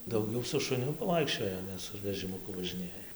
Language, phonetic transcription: Lithuanian, dauˈgiau su šuˈniu paˈvaikščioja ˈne su vežimuˈku važiˈnėja

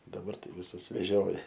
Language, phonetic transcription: Lithuanian, daˈbar ˈtai viˈsus veˈžioja

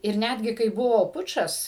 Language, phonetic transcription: Lithuanian, ir ˈnætgi kai ˈbuvo ˈpučas

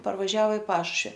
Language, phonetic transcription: Lithuanian, parvaˈžiao i ˈpašušvi

